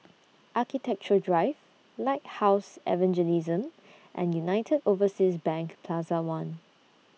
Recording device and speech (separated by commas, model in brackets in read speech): mobile phone (iPhone 6), read sentence